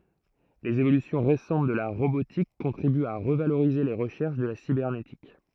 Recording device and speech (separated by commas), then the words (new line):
throat microphone, read sentence
Les évolutions récentes de la robotique contribuent à revaloriser les recherches de la cybernétique.